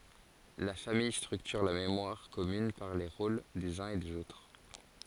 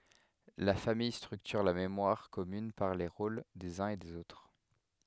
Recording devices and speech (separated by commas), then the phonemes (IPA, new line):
forehead accelerometer, headset microphone, read sentence
la famij stʁyktyʁ la memwaʁ kɔmyn paʁ le ʁol dez œ̃z e dez otʁ